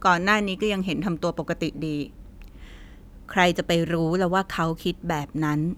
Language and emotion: Thai, frustrated